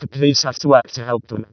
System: VC, vocoder